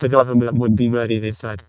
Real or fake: fake